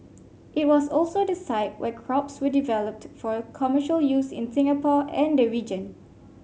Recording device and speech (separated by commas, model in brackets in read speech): mobile phone (Samsung C5), read sentence